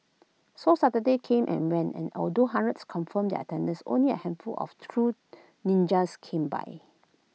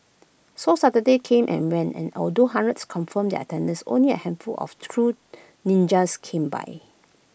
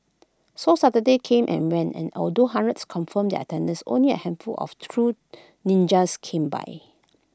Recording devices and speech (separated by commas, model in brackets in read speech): mobile phone (iPhone 6), boundary microphone (BM630), close-talking microphone (WH20), read sentence